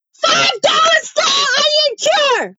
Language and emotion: English, neutral